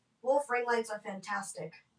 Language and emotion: English, angry